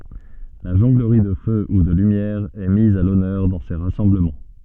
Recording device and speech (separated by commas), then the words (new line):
soft in-ear microphone, read sentence
La jonglerie de feu ou de lumière est mise à l'honneur dans ces rassemblements.